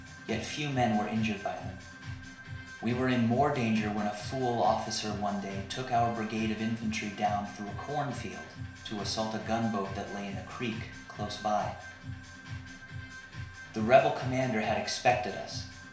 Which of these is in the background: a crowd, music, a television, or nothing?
Music.